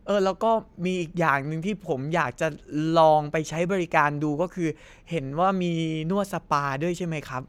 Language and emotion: Thai, happy